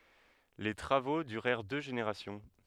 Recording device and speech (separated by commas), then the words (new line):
headset microphone, read sentence
Les travaux durèrent deux générations.